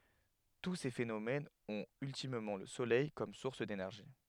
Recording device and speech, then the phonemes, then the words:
headset microphone, read sentence
tu se fenomɛnz ɔ̃t yltimmɑ̃ lə solɛj kɔm suʁs denɛʁʒi
Tous ces phénomènes ont ultimement le soleil comme source d'énergie.

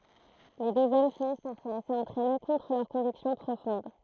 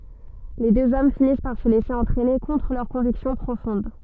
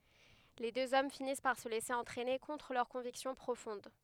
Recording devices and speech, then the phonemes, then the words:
throat microphone, soft in-ear microphone, headset microphone, read sentence
le døz ɔm finis paʁ sə lɛse ɑ̃tʁɛne kɔ̃tʁ lœʁ kɔ̃viksjɔ̃ pʁofɔ̃d
Les deux hommes finissent par se laisser entraîner contre leur conviction profonde.

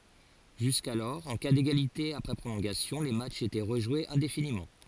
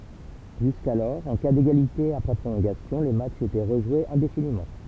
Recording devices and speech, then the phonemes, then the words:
forehead accelerometer, temple vibration pickup, read sentence
ʒyskalɔʁ ɑ̃ ka deɡalite apʁɛ pʁolɔ̃ɡasjɔ̃ le matʃz etɛ ʁəʒwez ɛ̃definimɑ̃
Jusqu'alors, en cas d'égalité après prolongations, les matchs étaient rejoués indéfiniment.

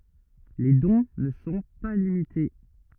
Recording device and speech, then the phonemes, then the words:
rigid in-ear microphone, read sentence
le dɔ̃ nə sɔ̃ pa limite
Les dons ne sont pas limités.

